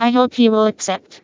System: TTS, vocoder